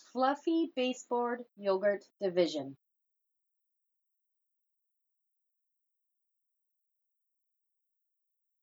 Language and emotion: English, neutral